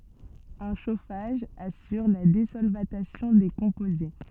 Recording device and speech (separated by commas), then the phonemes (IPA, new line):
soft in-ear microphone, read sentence
œ̃ ʃofaʒ asyʁ la dezɔlvatasjɔ̃ de kɔ̃poze